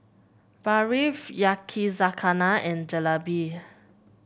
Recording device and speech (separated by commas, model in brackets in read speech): boundary microphone (BM630), read sentence